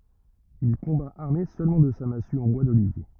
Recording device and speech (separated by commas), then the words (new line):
rigid in-ear microphone, read sentence
Il combat armé seulement de sa massue en bois d'olivier.